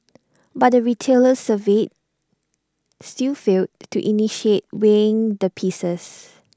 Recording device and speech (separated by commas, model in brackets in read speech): standing microphone (AKG C214), read sentence